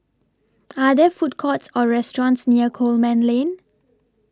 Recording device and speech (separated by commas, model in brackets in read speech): standing microphone (AKG C214), read sentence